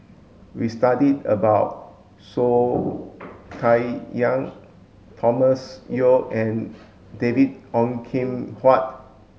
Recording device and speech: mobile phone (Samsung S8), read sentence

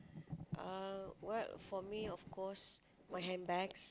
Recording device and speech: close-talking microphone, conversation in the same room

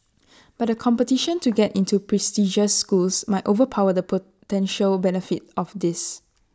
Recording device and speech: standing microphone (AKG C214), read sentence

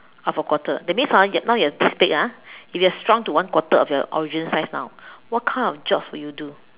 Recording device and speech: telephone, conversation in separate rooms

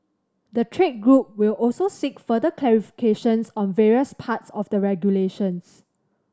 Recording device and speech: standing microphone (AKG C214), read sentence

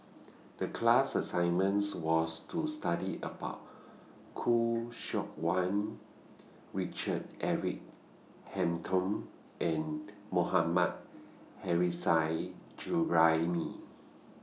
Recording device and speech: mobile phone (iPhone 6), read sentence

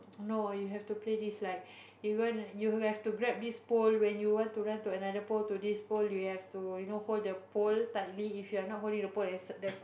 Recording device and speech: boundary microphone, conversation in the same room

